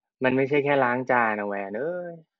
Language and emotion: Thai, frustrated